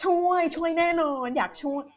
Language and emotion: Thai, happy